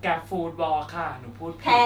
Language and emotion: Thai, neutral